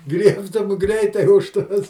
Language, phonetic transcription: Lithuanian, ˈgriebtum ˈgreitai už ˈtos

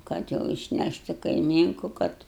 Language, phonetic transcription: Lithuanian, ˈkad jau išˈnæšt' i kaiˈmynku ˈkad

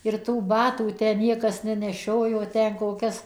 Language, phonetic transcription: Lithuanian, ir tų ˈbatų tę ˈniekas neneˈšiojo ˈten koˈkias

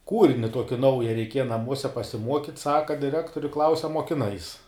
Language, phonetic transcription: Lithuanian, ˈkūrini ˈtuoki ˈnauja reiˈkieja naˈmuose pasiˈmuokyt ˈsaka diˈrektori klaus' a muokiˈnais

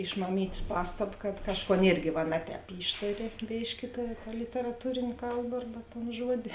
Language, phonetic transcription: Lithuanian, iš maˈmyt's' ˈpastab kad ˈkažˌkon ˈirgi va ˈne ˌtēp ˈyštari ˈbėški ta literaˈtūrėn' ˈkalba ˈarba ton ˈžuodi

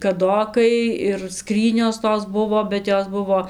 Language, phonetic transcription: Lithuanian, kaˈdokai ir ˈskrynios ˈtos ˈbuvo bet ˈjos ˈbuvo

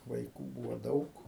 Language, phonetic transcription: Lithuanian, vaiˈkų ˈbūvo ˈdaug

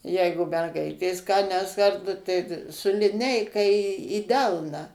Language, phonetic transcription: Lithuanian, ˈjeigu merˈgaitės ką nes ˈkarta tai ta su liˈneika į į ˈdelną

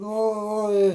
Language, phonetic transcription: Lithuanian, ˈnu o o ˈi

